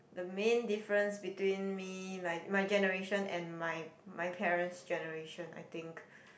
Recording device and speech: boundary microphone, conversation in the same room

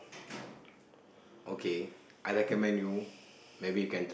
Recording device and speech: boundary microphone, conversation in the same room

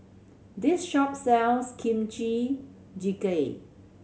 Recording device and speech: mobile phone (Samsung C7100), read sentence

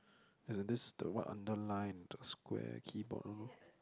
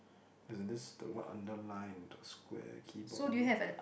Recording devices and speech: close-talking microphone, boundary microphone, conversation in the same room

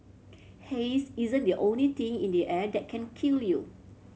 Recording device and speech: mobile phone (Samsung C7100), read sentence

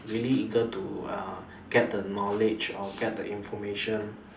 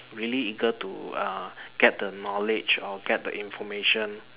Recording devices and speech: standing microphone, telephone, conversation in separate rooms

